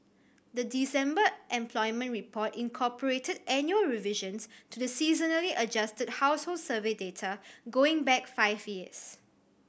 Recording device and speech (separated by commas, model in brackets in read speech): boundary microphone (BM630), read sentence